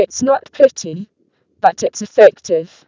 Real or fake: fake